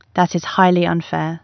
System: none